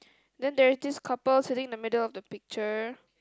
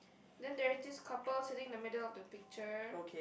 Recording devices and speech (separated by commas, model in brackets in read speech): close-talking microphone, boundary microphone, conversation in the same room